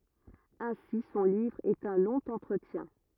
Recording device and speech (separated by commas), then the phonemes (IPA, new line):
rigid in-ear microphone, read sentence
ɛ̃si sɔ̃ livʁ ɛt œ̃ lɔ̃ ɑ̃tʁətjɛ̃